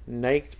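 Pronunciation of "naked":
'Naked' is pronounced incorrectly here.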